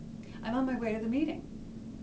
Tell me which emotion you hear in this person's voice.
neutral